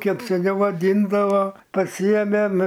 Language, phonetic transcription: Lithuanian, ˈkep seˈniau vaˈdyndava paˈsyėmėm

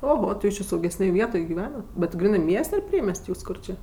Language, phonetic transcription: Lithuanian, oˈho ti ˈjūs či saugesˈnėj ˈvietoj giˈvenat bet ˈgrynɜ ˈmies't' ar ˈpriemes't' ˈkur či

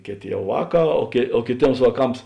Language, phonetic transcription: Lithuanian, ˈkėˌtė ˈjau ˈvāˌkā o kė o kėˈtėms vāˈkams

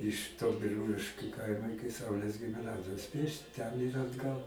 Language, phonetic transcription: Lithuanian, iš to biˈrūliškiu ˈkaima ˈiki ˈsaulės gimiˈnazijos ˈpiešti ten ir atˈgal

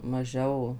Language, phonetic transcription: Lithuanian, maˈžiau

